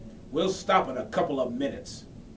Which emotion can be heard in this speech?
angry